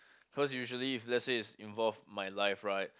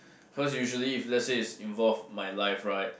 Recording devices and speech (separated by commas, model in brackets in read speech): close-talking microphone, boundary microphone, conversation in the same room